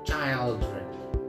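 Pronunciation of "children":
'children' is pronounced incorrectly here, with its first part said like the singular word 'child'.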